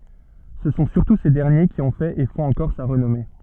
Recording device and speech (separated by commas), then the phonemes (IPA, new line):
soft in-ear microphone, read sentence
sə sɔ̃ syʁtu se dɛʁnje ki ɔ̃ fɛt e fɔ̃t ɑ̃kɔʁ sa ʁənɔme